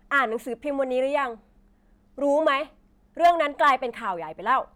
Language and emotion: Thai, frustrated